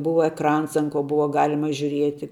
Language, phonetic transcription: Lithuanian, ˈbuva ekˈrans an ko ˈbuva ˈgalima žiuˈrieti

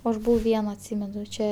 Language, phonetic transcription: Lithuanian, ˈaš ˈbuvau ˈviena atˈsymenu ˈčia

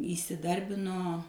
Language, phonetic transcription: Lithuanian, įsiˈdarbino

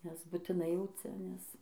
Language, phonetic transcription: Lithuanian, nes butiˈnai jau ˈcia nes

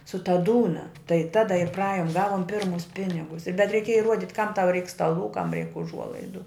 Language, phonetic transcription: Lithuanian, su ta ˈdūna tai ˈtada ir praˈajum ˈgavum ˈpirmus ˈpinigus bet reiˈkėja iˈruodit kam tau reik staˈlų kam reik uˈžuolaidu

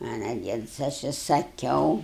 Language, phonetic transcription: Lithuanian, anąˈdien sa ˈaš i saˈkiau

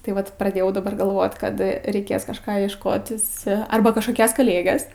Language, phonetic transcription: Lithuanian, tai ˈvat praˈdėjau daˈbar galˈvot ˈkad reiˈkės kažˈką iešˈkotis ˈarba kažkoˈkias kaˈlėges

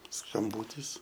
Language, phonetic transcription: Lithuanian, skamˈbūtis

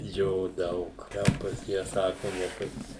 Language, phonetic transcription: Lithuanian, ˈjo ˈdaug ˈten ˈpas jie ˈsaku ne ˈpas

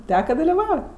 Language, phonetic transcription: Lithuanian, ˈteka daliˈvau

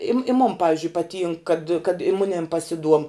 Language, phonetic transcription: Lithuanian, i m i mon ˈpavizdžiui paˈtynk kad kad i ˈmunėm pasiˈduom

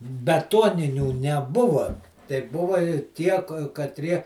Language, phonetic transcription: Lithuanian, beˈtuoninių neˈbuva tai ˈbuva i ˈtie katˈrie

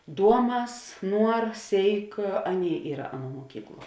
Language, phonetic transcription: Lithuanian, ˈduoˌmas ˈnuor ˈsėik ˈaˌnėi ˈyra ˈaˌnuo muoˈkykˌluo

